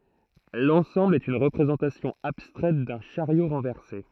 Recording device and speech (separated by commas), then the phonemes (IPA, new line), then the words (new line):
throat microphone, read sentence
lɑ̃sɑ̃bl ɛt yn ʁəpʁezɑ̃tasjɔ̃ abstʁɛt dœ̃ ʃaʁjo ʁɑ̃vɛʁse
L'ensemble est une représentation abstraite d'un chariot renversé.